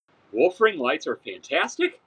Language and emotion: English, surprised